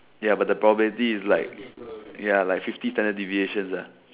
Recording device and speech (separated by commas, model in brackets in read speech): telephone, conversation in separate rooms